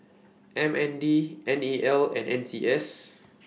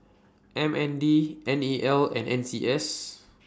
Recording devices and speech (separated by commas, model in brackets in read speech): mobile phone (iPhone 6), standing microphone (AKG C214), read sentence